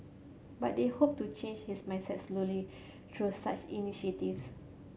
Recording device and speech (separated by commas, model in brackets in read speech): mobile phone (Samsung C7100), read sentence